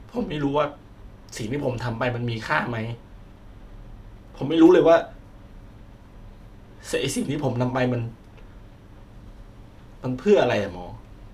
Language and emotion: Thai, sad